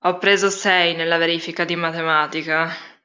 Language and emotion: Italian, disgusted